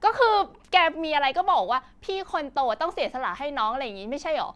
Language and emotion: Thai, frustrated